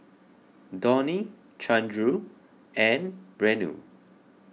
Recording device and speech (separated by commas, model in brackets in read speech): mobile phone (iPhone 6), read sentence